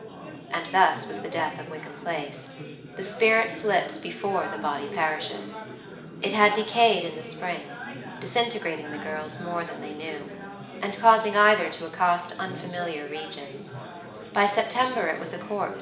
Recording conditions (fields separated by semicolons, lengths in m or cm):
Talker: one person; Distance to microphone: 1.8 m; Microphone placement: close; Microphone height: 1.0 m; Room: large; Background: babble